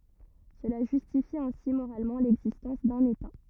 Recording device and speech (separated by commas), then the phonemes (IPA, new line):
rigid in-ear microphone, read sentence
səla ʒystifi ɛ̃si moʁalmɑ̃ lɛɡzistɑ̃s dœ̃n eta